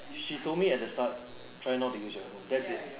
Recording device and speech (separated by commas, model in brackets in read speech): telephone, conversation in separate rooms